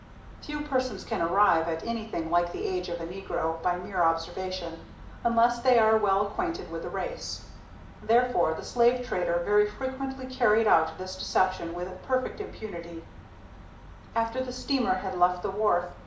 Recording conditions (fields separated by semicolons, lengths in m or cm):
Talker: one person; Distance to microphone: 2.0 m; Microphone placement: close; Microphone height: 99 cm; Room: medium-sized (5.7 m by 4.0 m); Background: none